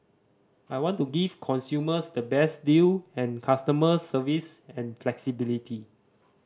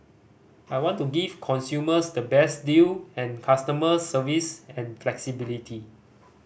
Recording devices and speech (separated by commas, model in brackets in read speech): standing microphone (AKG C214), boundary microphone (BM630), read sentence